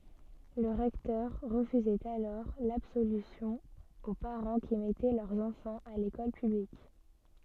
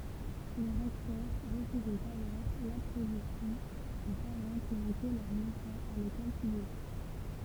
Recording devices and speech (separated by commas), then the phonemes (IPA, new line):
soft in-ear microphone, temple vibration pickup, read sentence
lə ʁɛktœʁ ʁəfyzɛt alɔʁ labsolysjɔ̃ o paʁɑ̃ ki mɛtɛ lœʁz ɑ̃fɑ̃z a lekɔl pyblik